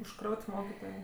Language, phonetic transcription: Lithuanian, užˈkraut' ˈmokitojė

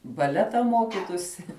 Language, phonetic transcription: Lithuanian, baˈleta ˈmokitųsi

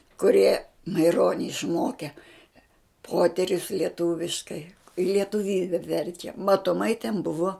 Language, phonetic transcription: Lithuanian, kuˈrie maiˈroni išˈmoke ˈpoterius lieˈtūviškai i lietuˈvybe ˈverčia matoˈmai ten ˈbuvo

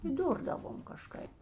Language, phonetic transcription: Lithuanian, įˈdurdavom kaˈžkaip

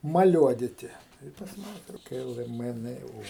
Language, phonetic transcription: Lithuanian, maˈliuoditi ˈtai i pas ˈmane ˈtokia ˈilga ˈmɘ ˈnɘ ˈo

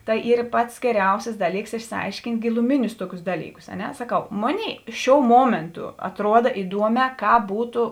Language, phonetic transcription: Lithuanian, ˈtai ˈyr ˈpats geˈriausis ˈdaˌlyks išsiˈaiškint' giluˈminius ˈtuokius ˈdalyˌkus a ˈne saˈkau ˈmoˌnėi ˈšiou ˈmuomėntu atˈruoda iˈduomē ˈkāp ˈbūtu

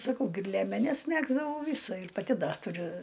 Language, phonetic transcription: Lithuanian, saˈkau gi ir liemeˈnes ˈmegzdavau ˈvysa ir paˈti ˈda tuˈriu

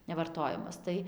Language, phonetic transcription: Lithuanian, nevarˈtojamas ˈtai

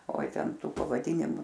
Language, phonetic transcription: Lithuanian, oi ˈten ˈtų pavaˈdynimu

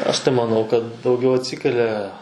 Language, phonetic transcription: Lithuanian, aš tai maˈnau kad dauˈgiau atˈsikelia

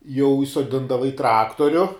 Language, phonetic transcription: Lithuanian, jau įsoˈdindava į ˈtraktoriu

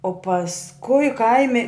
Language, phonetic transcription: Lithuanian, o pasˈkui ˈkaimi

